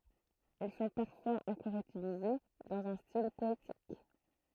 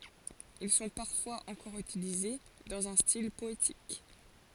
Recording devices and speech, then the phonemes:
throat microphone, forehead accelerometer, read sentence
il sɔ̃ paʁfwaz ɑ̃kɔʁ ytilize dɑ̃z œ̃ stil pɔetik

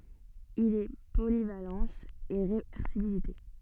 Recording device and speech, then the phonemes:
soft in-ear microphone, read sentence
il ɛ polivalɑ̃s e ʁevɛʁsibilite

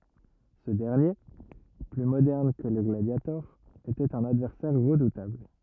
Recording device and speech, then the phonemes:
rigid in-ear microphone, read sentence
sə dɛʁnje ply modɛʁn kə lə ɡladjatɔʁ etɛt œ̃n advɛʁsɛʁ ʁədutabl

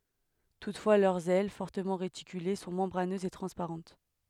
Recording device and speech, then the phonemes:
headset microphone, read sentence
tutfwa lœʁz ɛl fɔʁtəmɑ̃ ʁetikyle sɔ̃ mɑ̃bʁanøzz e tʁɑ̃spaʁɑ̃t

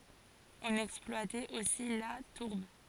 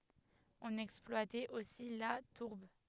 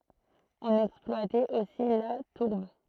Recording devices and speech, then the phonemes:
forehead accelerometer, headset microphone, throat microphone, read sentence
ɔ̃n ɛksplwatɛt osi la tuʁb

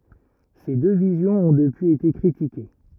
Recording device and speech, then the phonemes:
rigid in-ear microphone, read sentence
se dø vizjɔ̃z ɔ̃ dəpyiz ete kʁitike

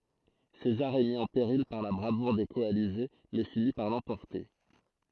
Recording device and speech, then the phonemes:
throat microphone, read sentence
sezaʁ ɛ mi ɑ̃ peʁil paʁ la bʁavuʁ de kɔalize mɛ fini paʁ lɑ̃pɔʁte

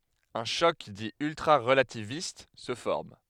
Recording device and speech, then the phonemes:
headset microphone, read sentence
œ̃ ʃɔk di yltʁaʁəlativist sə fɔʁm

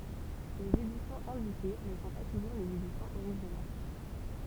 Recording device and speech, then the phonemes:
temple vibration pickup, read sentence
lez edisjɔ̃z ɛ̃dike nə sɔ̃ pa tuʒuʁ lez edisjɔ̃z oʁiʒinal

